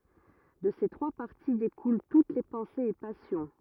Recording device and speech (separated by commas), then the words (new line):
rigid in-ear microphone, read sentence
De ces trois parties découlent toutes les pensées et passions.